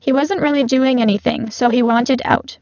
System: VC, spectral filtering